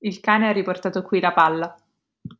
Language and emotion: Italian, neutral